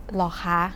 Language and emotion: Thai, neutral